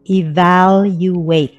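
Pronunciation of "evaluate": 'Evaluate' is pronounced correctly here, with the stress on the second syllable.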